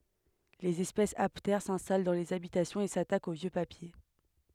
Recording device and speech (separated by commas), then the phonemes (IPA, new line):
headset microphone, read sentence
lez ɛspɛsz aptɛʁ sɛ̃stal dɑ̃ lez abitasjɔ̃z e satakt o vjø papje